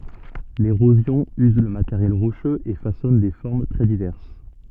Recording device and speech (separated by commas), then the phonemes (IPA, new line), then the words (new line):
soft in-ear microphone, read sentence
leʁozjɔ̃ yz lə mateʁjɛl ʁoʃøz e fasɔn de fɔʁm tʁɛ divɛʁs
L'érosion use le matériel rocheux et façonne des formes très diverses.